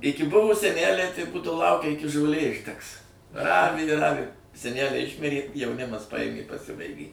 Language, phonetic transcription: Lithuanian, ˈiki ˈbuvo seˈnæliai tai ˈbūdavo ˈlaukia ˈiki žoˈlė išˈdegs ˈravi i ˈravi seˈnæliai ˈišmirė jauˈnimas paˈjėmė i paˈsibaigė

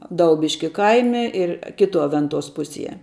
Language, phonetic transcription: Lithuanian, ˈdaubiški ˈkaime ir ˈkituo ˈventuos ˈpusie

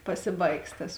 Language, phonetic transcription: Lithuanian, ˈpasiˌbaigs tas

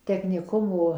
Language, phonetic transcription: Lithuanian, tekniˈkumo

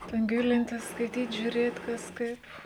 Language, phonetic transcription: Lithuanian, ˈten ˈgilintis skaiˈtyt žiūˈrėt kas ˈkaip

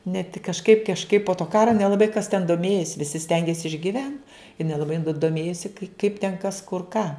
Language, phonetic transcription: Lithuanian, ne tik kažˈkaip kažˈkaip po to ˈkara nelaˈbai kas ten doˈmėjis visi ˈstengės išgiˈvent i nelaˈbai du doˈmėjosi kai kaip ten ˈkas kur ˈką

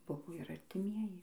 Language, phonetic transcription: Lithuanian, ˈbuvo ir artiˈmieji

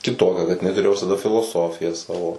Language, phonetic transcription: Lithuanian, kiˈtokia kad iˈnai tuˈrėjo visaˈda filoˈsofiją ˈsavo

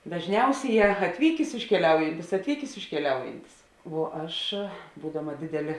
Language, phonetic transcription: Lithuanian, dažˈniausėˌjē atˈvykės iškeˈliaujantis atˈvykės iškeˈliaujantis vuo ˈaš ˈbūdama dėˈdelė

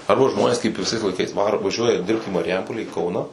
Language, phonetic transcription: Lithuanian, arba ˈžmonės kaip viˈsais laiˈkais ˈvaro vaˈžiuoja ˈdirbt į mariˈjampolę į ˈkauną

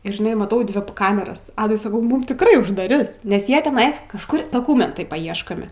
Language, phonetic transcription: Lithuanian, ir žiˈnai maˈtau ˈdvi ˈkameras ˈadui saˈkau ˈmum tikˈrai uždaˈris nes ˈjie teˈnais kažˈkur doˈkumentai paˈieškomi

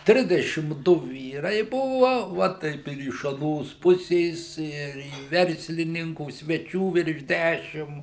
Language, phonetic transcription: Lithuanian, ˈtrisdešim ˈdu ˈvyrai ˈbuva ˈva taip ir iš aˈnos ˈpusės ˈir į ˈverslininkų sveˈčių virš ˈdæšim

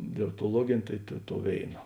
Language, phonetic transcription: Lithuanian, dialoktoˈluogėnė ˈtai ta tou ˈvėina

